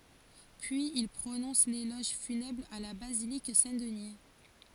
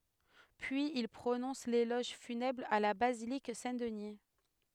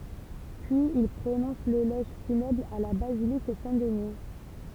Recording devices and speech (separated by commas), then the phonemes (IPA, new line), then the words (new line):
forehead accelerometer, headset microphone, temple vibration pickup, read sentence
pyiz il pʁonɔ̃s lelɔʒ fynɛbʁ a la bazilik sɛ̃tdni
Puis il prononce l'éloge funèbre à la basilique Saint-Denis.